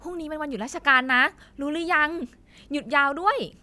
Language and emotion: Thai, happy